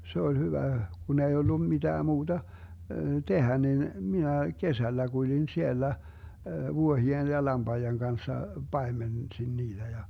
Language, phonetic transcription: Finnish, 'se ol 'hyvä , 'kun ‿ei ollu 'miDää 'muuDa , "tehä 'nin , 'minä "kesällä 'kuĺin 'siellä , 'vuohi₍en ja 'lamBaijeŋ 'Ganssa , 'paemensin 'niiDä ja .
- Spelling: se oli hyvä kun ei ollut mitään muuta tehdä niin minä kesällä kuljin siellä vuohien ja lampaiden kanssa paimensin niitä ja

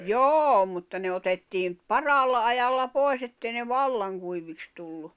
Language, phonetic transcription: Finnish, joo mutta ne otettiim , "paraalla 'ajalla 'pòi̬s ‿ettei ne "vallaŋ kuiviks tullu .
- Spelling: joo mutta ne otettiin parhaalla ajalla pois että ei ne vallan kuiviksi tullut

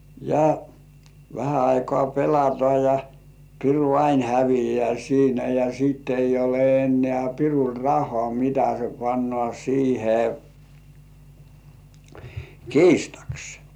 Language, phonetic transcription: Finnish, ja , vähä 'aikoà "pelatŏà ja , piru "ain hävijeä 'siinä ja siit ‿ei ole ennĕ§ä̀ "pirul 'rah̆§hŏ§à mitä se pannŏ§á sihe , "kiistaks .
- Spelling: ja vähän aikaa pelataan ja piru aina häviää siinä ja sitten ei ole enää pirulla rahaa mitä se panee siihen kiistaksi

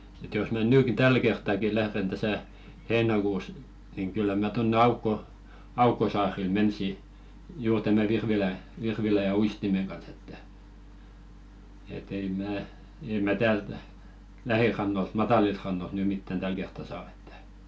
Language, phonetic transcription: Finnish, ĕt jos mä 'nyyki "täl kerttaki 'lähren täsä , "heenakuus , niŋ kyllä 'mä tonne 'aukko- , "aukkosaaril 'mensi , 'juur tämä 'virvilä , virvilä ja "uistimeŋ ɢans ‿että , e't ‿ei "mää , ei mä "täält , 'lähirannolt 'matalilt rannolt ny mittän "täl kertta 'saa ᴇttᴀ̈ .
- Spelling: että jos minä nytkin tällä kertaakin lähden tässä heinäkuussa niin kyllä minä tuonne - aukkosaarille menisin juuri tämän virvilän virvilän ja uistimen kanssa että et ei minä ei minä täältä lähirannoilta matalilta rannoilta nyt mitään tällä kertaa saa että

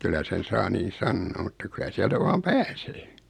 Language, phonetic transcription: Finnish, 'kyl̆lä sen 'saa niin̬ "sannoo mutta 'kylä siältä 'vaam "pääsee .
- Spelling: kyllä sen saa niin sanoa mutta kyllä sieltä vain pääsee

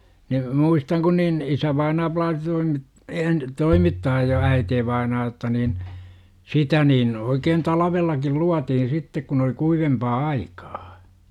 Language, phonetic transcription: Finnish, ni , "muistaŋ kun niin , 'isävainaa plaasi toimit- , een , 'toimittaaj ja 'äiteevainaa otta niin , "sitä niin , oikeen 'talavellakil "luatihin sittek kun ‿oli 'kuivempaa "aikAA .
- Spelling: niin muistan kun niin isävainaa plaasi - - toimittaa ja äitivainaa jotta niin sitä niin oikein talvellakin luotiin sitten kun oli kuivempaa aikaa

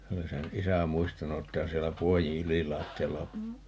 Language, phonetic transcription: Finnish, 'se oli 'sen "isä 'muistanu että (on) 'siellä 'puojiḭ "ylilaatti₍alla o ,.
- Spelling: se oli sen isä muistanut että on siellä puodin ylilattialla on

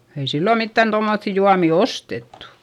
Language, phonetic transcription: Finnish, ei sillo mittän tommoϑϑi juami ostettu .
- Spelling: ei silloin mitään tuommoisia juomia ostettu

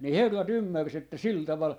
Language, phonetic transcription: Finnish, ni 'herra"t ‿ym-märs ‿että "sil 'taval ,.
- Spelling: niin herrat ymmärsi että sillä tavalla

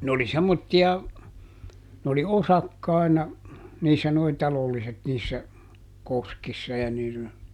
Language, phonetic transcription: Finnish, ne ‿oli ˈsemmotti₍a , n ‿oli "osakkài̮na , ˈniissä noi ˈtalolliset niissä , ˈkoskissa ja -- .
- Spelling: ne oli semmoisia ne oli osakkaina niissä nuo talolliset niissä koskissa ja -

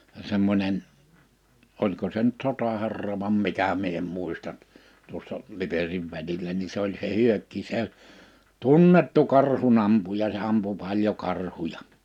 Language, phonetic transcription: Finnish, 'semmońen , '’oĺko se nʸt 'sota'hɛrra vam 'mikä 'mie em 'mùista , tuossa , 'Liperiv välilä ni 'se ‿oĺ (s)e 'Hyökki se , "tunnettu 'karhu'n ‿ampuja se '’ampu 'paĺjo 'karhuja .
- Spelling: semmoinen oliko se nyt sotaherra vai mikä minä en muista tuossa Liperin välillä niin se oli se Hyökki se tunnettu karhun ampuja se ampui paljon karhuja

